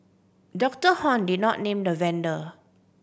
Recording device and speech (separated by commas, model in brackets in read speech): boundary microphone (BM630), read sentence